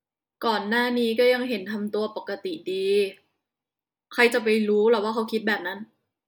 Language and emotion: Thai, frustrated